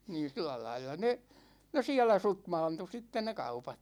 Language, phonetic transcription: Finnish, niin̬ 'sillä lailla ne , ne 'siä̭lä 'sutmaantu sitten ne 'kaupat .
- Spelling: niin sillä lailla ne ne siellä sutmaantui sitten ne kaupat

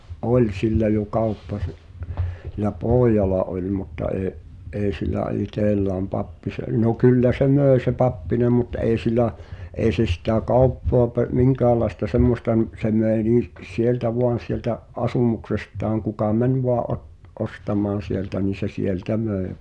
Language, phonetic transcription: Finnish, ’e’- , "’oĺ sillä jo 'kauppa siˡ- , (s)ilä "pooj̆jala oĺ mutta ee’ , '’eeⁱ sillä "itellääm 'Pappise- , no 'kyllä se "mö̀i̬ se "Pappinem̆ mut '’èi̬ sil̆lä , '’èi̬ se sitä̀ "kauppoa pe- , "miŋkäälaesta "semmosta m- , se 'möi nii’ , "sieltä 'voan̬ sieltä , "’asumuksesttaaŋ kuka "mäń voaᵃ̰ ’ot- , '’ostam̀aan̬ sieltä nìn̬ se "sieltä 'möe ᴠᴏᴀ .
- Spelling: - oli sillä jo kauppa - sillä pojalla oli mutta ei ei sillä itsellään - no kyllä se myi se Pappinen mutta ei sillä ei se sitä kauppaa - minkäänlaista semmoista - se myi niin sieltä vain sieltä asumuksestaan kuka meni vain - ostamaan sieltä niin se sieltä myi vain

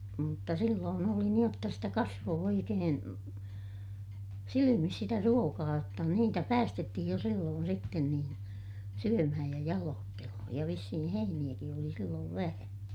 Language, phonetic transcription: Finnish, mutta silloon ‿oli niij jotta sitä kasvoo oikeen , silimis sitä ruokaa jotta niitä päästettihij jo silloon sitten niin , syömähäj ja jaloottelohoj ja vissihi heiniʲäki oli silloov vähä .
- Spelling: mutta silloin oli niin jotta sitä kasvoi oikein silmissä sitä ruokaa jotta niitä päästettiin jo silloin sitten niin syömään ja jaloittelemaan ja vissiin heiniäkin oli silloin vähän

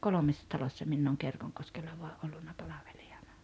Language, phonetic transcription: Finnish, 'kolomessa 'talossa minn ‿ooŋ 'Kerkoŋkoskella voa’ "’ollunna 'palaveʟɪ₍ᴀɴᴀ .
- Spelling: kolmessa talossa minä olen Kerkonkoskella vain ollut palvelijana

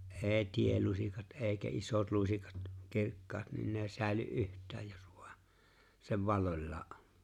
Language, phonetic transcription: Finnish, ’eeⁱ 'tielusikat "’eeⁱkä 'isot 'lusikat , 'kirkkaat niin n ‿eⁱ 'sä̀ely’ "’yht̀ääj jos ᴠᴜᴀ seᵛ "valloĺlaa '’ᴏɴ .
- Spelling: ei teelusikat eikä isot lusikat kirkkaat niin ne ei säily yhtään jos vain se valloillaan on

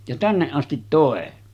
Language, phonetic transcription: Finnish, ja 'tänneˀ 'ˀastit tòe .
- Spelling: ja tänne asti toi

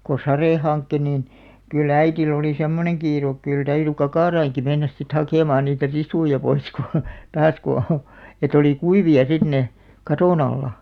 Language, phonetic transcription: Finnish, ko "sarè 'hankke niin , ky"l ‿äitil ‿olì "semmoneŋ 'kiiruk kyl 'täyry "kakàraiŋki 'mennäs sit 'hakèmaan niitä "risuja 'pois ku , 'taas ku , et ‿olì "kuivi₍a sit 'ne , "katòn ‿alla .
- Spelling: kun sade hankki niin kyllä äidillä oli semmoinen kiire kyllä täytyi kakaroidenkin mennä sitten hakemaan niitä risuja pois kun taas kun että oli kuivia sitten ne katon alla

